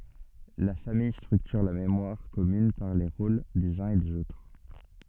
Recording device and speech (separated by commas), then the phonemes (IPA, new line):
soft in-ear microphone, read sentence
la famij stʁyktyʁ la memwaʁ kɔmyn paʁ le ʁol dez œ̃z e dez otʁ